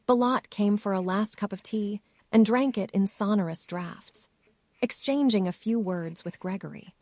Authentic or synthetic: synthetic